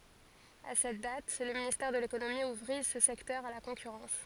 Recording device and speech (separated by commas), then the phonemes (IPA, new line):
forehead accelerometer, read sentence
a sɛt dat lə ministɛʁ də lekonomi uvʁi sə sɛktœʁ a la kɔ̃kyʁɑ̃s